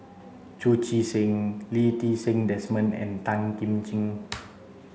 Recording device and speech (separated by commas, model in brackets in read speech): mobile phone (Samsung C7), read sentence